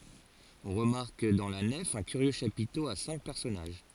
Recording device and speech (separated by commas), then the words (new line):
forehead accelerometer, read sentence
On remarque dans la nef un curieux chapiteau à cinq personnages.